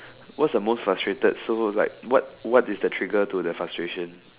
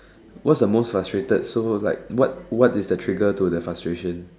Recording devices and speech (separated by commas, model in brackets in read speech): telephone, standing microphone, conversation in separate rooms